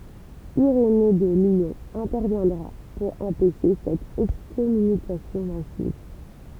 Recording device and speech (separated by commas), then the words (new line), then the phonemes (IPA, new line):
temple vibration pickup, read sentence
Irénée de Lyon interviendra pour empêcher cette excommunication massive.
iʁene də ljɔ̃ ɛ̃tɛʁvjɛ̃dʁa puʁ ɑ̃pɛʃe sɛt ɛkskɔmynikasjɔ̃ masiv